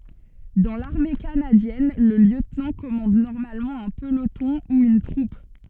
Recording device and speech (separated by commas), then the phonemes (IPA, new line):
soft in-ear microphone, read sentence
dɑ̃ laʁme kanadjɛn lə ljøtnɑ̃ kɔmɑ̃d nɔʁmalmɑ̃ œ̃ pəlotɔ̃ u yn tʁup